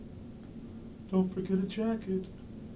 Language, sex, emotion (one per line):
English
male
neutral